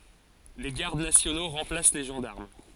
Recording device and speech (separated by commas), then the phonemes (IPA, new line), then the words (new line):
forehead accelerometer, read sentence
de ɡaʁd nasjono ʁɑ̃plas le ʒɑ̃daʁm
Des gardes nationaux remplacent les gendarmes.